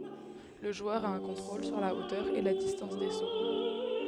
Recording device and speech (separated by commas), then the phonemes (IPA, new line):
headset microphone, read sentence
lə ʒwœʁ a œ̃ kɔ̃tʁol syʁ la otœʁ e la distɑ̃s de so